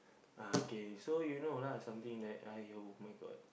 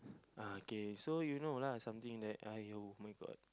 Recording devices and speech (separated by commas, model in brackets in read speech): boundary microphone, close-talking microphone, conversation in the same room